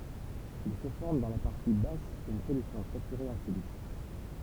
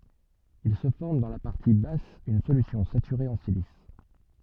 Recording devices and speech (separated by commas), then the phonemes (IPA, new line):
temple vibration pickup, soft in-ear microphone, read sentence
il sə fɔʁm dɑ̃ la paʁti bas yn solysjɔ̃ satyʁe ɑ̃ silis